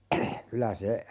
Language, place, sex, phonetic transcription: Finnish, Urjala, male, 'kylä se , .
- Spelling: kyllä se

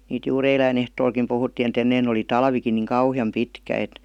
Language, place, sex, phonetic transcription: Finnish, Vihti, female, niit juur "eiläin ‿ehtoolkim puhuttìn ‿et 'ennein ‿oli "talvikin nìŋ "kauhi₍am 'pitkä et .
- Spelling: niitä juuri eilen ehtoollakin puhuttiin että ennen oli talvikin niin kauhean pitkä että

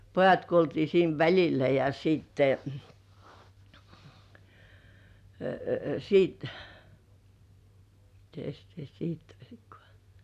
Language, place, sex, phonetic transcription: Finnish, Kurkijoki, female, pojat kuoltii siin 'väĺilä ja siitte , siit mites sitä 'sit oĺkŏà ?
- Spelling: pojat kuoltiin siinä välillä ja sitten sitten mitenkäs sitä sitten olikaan

